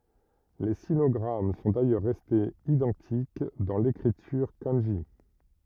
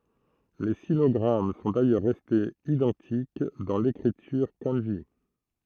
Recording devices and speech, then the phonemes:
rigid in-ear microphone, throat microphone, read sentence
le sinɔɡʁam sɔ̃ dajœʁ ʁɛstez idɑ̃tik dɑ̃ lekʁityʁ kɑ̃ʒi

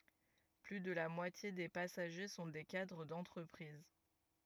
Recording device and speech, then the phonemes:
rigid in-ear microphone, read sentence
ply də la mwatje de pasaʒe sɔ̃ de kadʁ dɑ̃tʁəpʁiz

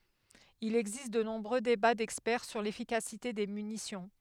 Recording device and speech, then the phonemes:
headset microphone, read sentence
il ɛɡzist də nɔ̃bʁø deba dɛkspɛʁ syʁ lefikasite de mynisjɔ̃

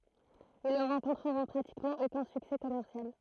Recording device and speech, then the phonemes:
throat microphone, read sentence
il nə ʁɑ̃kɔ̃tʁəʁɔ̃ pʁatikmɑ̃ okœ̃ syksɛ kɔmɛʁsjal

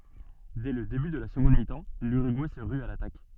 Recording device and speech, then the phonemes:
soft in-ear microphone, read sentence
dɛ lə deby də la səɡɔ̃d mitɑ̃ lyʁyɡuɛ sə ʁy a latak

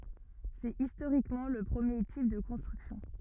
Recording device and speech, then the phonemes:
rigid in-ear microphone, read sentence
sɛt istoʁikmɑ̃ lə pʁəmje tip də kɔ̃stʁyksjɔ̃

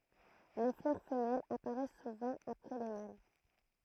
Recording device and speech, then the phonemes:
throat microphone, read sentence
le flœʁ fəmɛlz apaʁɛs suvɑ̃ apʁɛ le mal

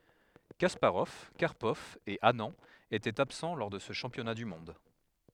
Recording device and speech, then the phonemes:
headset microphone, read sentence
kaspaʁɔv kaʁpɔv e anɑ̃ etɛt absɑ̃ lɔʁ də sə ʃɑ̃pjɔna dy mɔ̃d

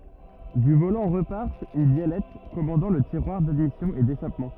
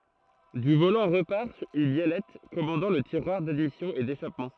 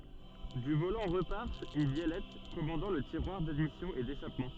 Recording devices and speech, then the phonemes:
rigid in-ear microphone, throat microphone, soft in-ear microphone, read sentence
dy volɑ̃ ʁəpaʁ yn bjɛlɛt kɔmɑ̃dɑ̃ lə tiʁwaʁ dadmisjɔ̃ e deʃapmɑ̃

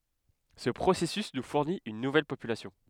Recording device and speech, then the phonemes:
headset microphone, read sentence
sə pʁosɛsys nu fuʁnit yn nuvɛl popylasjɔ̃

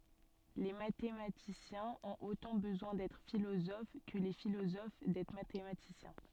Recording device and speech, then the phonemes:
soft in-ear microphone, read sentence
le matematisjɛ̃z ɔ̃t otɑ̃ bəzwɛ̃ dɛtʁ filozof kə le filozof dɛtʁ matematisjɛ̃

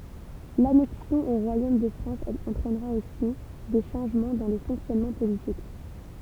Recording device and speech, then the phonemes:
temple vibration pickup, read sentence
lanɛksjɔ̃ o ʁwajom də fʁɑ̃s ɑ̃tʁɛnʁa osi de ʃɑ̃ʒmɑ̃ dɑ̃ le fɔ̃ksjɔnmɑ̃ politik

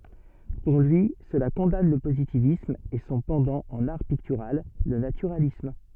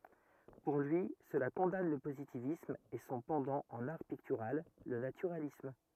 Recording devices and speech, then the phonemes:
soft in-ear microphone, rigid in-ear microphone, read sentence
puʁ lyi səla kɔ̃dan lə pozitivism e sɔ̃ pɑ̃dɑ̃ ɑ̃n aʁ piktyʁal lə natyʁalism

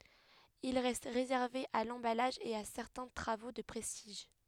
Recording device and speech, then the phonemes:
headset microphone, read sentence
il ʁɛst ʁezɛʁve a lɑ̃balaʒ e a sɛʁtɛ̃ tʁavo də pʁɛstiʒ

